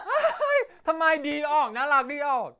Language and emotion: Thai, happy